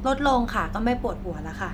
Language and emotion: Thai, neutral